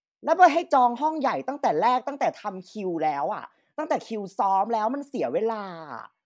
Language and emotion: Thai, angry